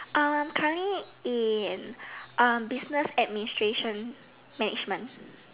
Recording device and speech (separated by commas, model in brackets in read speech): telephone, conversation in separate rooms